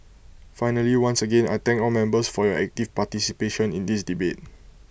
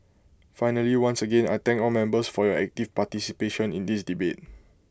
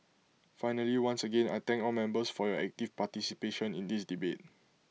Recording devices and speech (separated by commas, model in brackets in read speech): boundary microphone (BM630), close-talking microphone (WH20), mobile phone (iPhone 6), read sentence